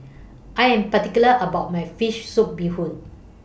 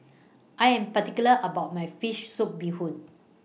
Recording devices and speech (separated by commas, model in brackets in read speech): boundary microphone (BM630), mobile phone (iPhone 6), read sentence